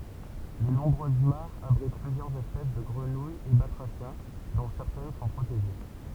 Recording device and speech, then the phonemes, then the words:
temple vibration pickup, read sentence
le nɔ̃bʁøz maʁz abʁit plyzjœʁz ɛspɛs də ɡʁənujz e batʁasjɛ̃ dɔ̃ sɛʁtɛn sɔ̃ pʁoteʒe
Les nombreuses mares abritent plusieurs espèces de grenouilles et batraciens, dont certaines sont protégées.

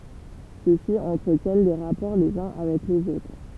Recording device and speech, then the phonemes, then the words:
temple vibration pickup, read sentence
sø si ɑ̃tʁətjɛn de ʁapɔʁ lez œ̃ avɛk lez otʁ
Ceux-ci entretiennent des rapports les uns avec les autres.

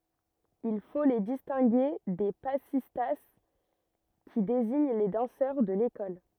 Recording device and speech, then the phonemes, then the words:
rigid in-ear microphone, read sentence
il fo le distɛ̃ɡe de pasista ki deziɲ le dɑ̃sœʁ də lekɔl
Il faut les distinguer des passistas, qui désignent les danseurs de l'école.

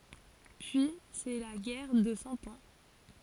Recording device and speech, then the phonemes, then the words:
forehead accelerometer, read sentence
pyi sɛ la ɡɛʁ də sɑ̃ ɑ̃
Puis, c'est la guerre de Cent Ans.

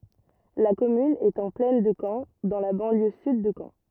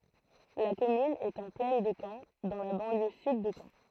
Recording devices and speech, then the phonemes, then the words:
rigid in-ear microphone, throat microphone, read sentence
la kɔmyn ɛt ɑ̃ plɛn də kɑ̃ dɑ̃ la bɑ̃ljø syd də kɑ̃
La commune est en plaine de Caen, dans la banlieue sud de Caen.

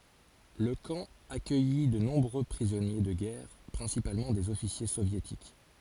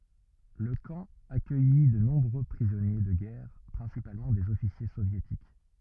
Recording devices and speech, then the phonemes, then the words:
forehead accelerometer, rigid in-ear microphone, read sentence
lə kɑ̃ akœji də nɔ̃bʁø pʁizɔnje də ɡɛʁ pʁɛ̃sipalmɑ̃ dez ɔfisje sovjetik
Le camp accueillit de nombreux prisonniers de guerre principalement des officiers soviétiques.

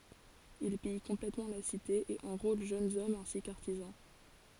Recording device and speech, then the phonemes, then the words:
forehead accelerometer, read sentence
il pij kɔ̃plɛtmɑ̃ la site e ɑ̃ʁol ʒønz ɔmz ɛ̃si kə aʁtizɑ̃
Il pille complètement la cité et enrôle jeunes hommes ainsi que artisans.

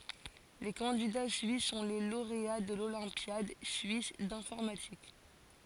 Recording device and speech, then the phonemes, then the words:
forehead accelerometer, read sentence
le kɑ̃dida syis sɔ̃ le loʁea də lolɛ̃pjad syis dɛ̃fɔʁmatik
Les candidats suisses sont les lauréats de l'Olympiade suisse d'informatique.

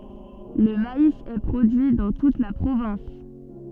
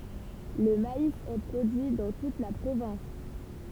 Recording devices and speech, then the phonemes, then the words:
soft in-ear microphone, temple vibration pickup, read sentence
lə mais ɛ pʁodyi dɑ̃ tut la pʁovɛ̃s
Le maïs est produit dans toute la province.

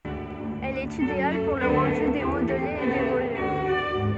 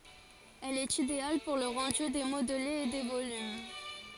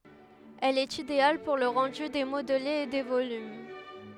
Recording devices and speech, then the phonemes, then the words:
soft in-ear microphone, forehead accelerometer, headset microphone, read sentence
ɛl ɛt ideal puʁ lə ʁɑ̃dy de modlez e de volym
Elle est idéale pour le rendu des modelés et des volumes.

